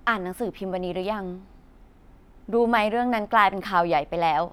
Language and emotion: Thai, frustrated